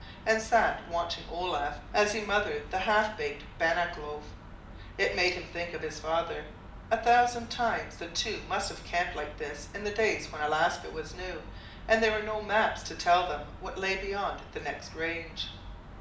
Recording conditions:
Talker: one person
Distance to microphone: 2.0 m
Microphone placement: close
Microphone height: 99 cm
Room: medium-sized (5.7 m by 4.0 m)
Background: none

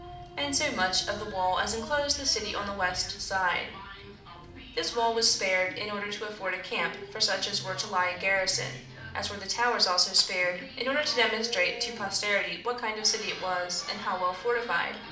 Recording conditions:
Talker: one person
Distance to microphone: 2.0 m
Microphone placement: close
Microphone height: 99 cm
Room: medium-sized (5.7 m by 4.0 m)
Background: television

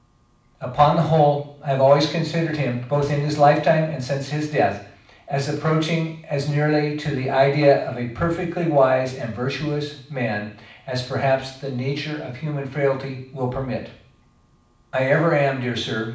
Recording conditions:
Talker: one person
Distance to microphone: 5.8 m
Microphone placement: far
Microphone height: 1.8 m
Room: medium-sized (5.7 m by 4.0 m)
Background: none

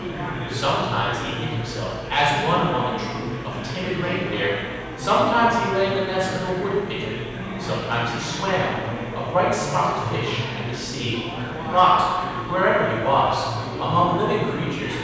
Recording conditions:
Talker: one person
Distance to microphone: 7.1 m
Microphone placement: far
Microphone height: 1.7 m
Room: very reverberant, large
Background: babble

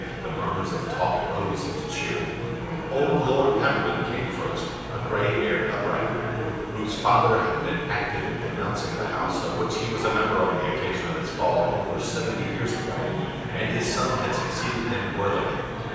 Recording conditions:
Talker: one person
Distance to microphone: 7.1 m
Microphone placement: far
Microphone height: 1.7 m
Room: very reverberant, large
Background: babble

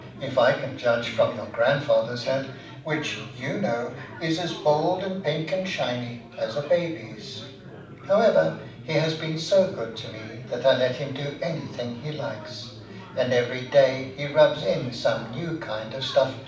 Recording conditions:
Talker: one person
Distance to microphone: 5.8 m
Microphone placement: far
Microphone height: 1.8 m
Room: medium-sized (5.7 m by 4.0 m)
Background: babble

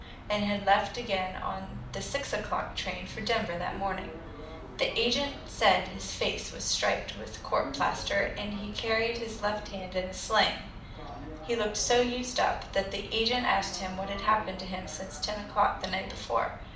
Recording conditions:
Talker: one person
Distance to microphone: 2.0 m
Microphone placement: close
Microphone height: 99 cm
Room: medium-sized (5.7 m by 4.0 m)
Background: television

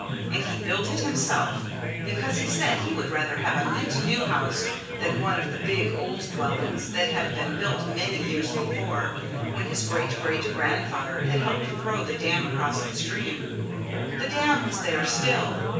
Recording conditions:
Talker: one person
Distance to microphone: 9.8 m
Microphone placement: far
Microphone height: 1.8 m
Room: large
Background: babble

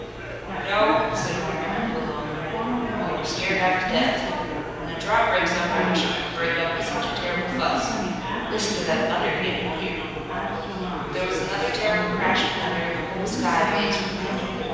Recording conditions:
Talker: one person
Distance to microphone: 7.1 m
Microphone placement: far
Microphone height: 1.7 m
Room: very reverberant, large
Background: babble

